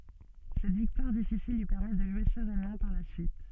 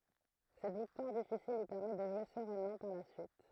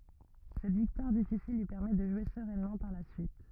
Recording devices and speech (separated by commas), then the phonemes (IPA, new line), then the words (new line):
soft in-ear microphone, throat microphone, rigid in-ear microphone, read sentence
sɛt viktwaʁ difisil lyi pɛʁmɛ də ʒwe səʁɛnmɑ̃ paʁ la syit
Cette victoire difficile lui permet de jouer sereinement par la suite.